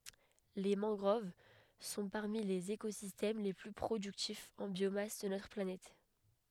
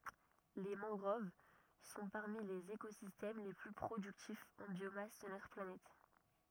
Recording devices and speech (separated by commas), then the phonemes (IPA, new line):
headset microphone, rigid in-ear microphone, read sentence
le mɑ̃ɡʁov sɔ̃ paʁmi lez ekozistɛm le ply pʁodyktifz ɑ̃ bjomas də notʁ planɛt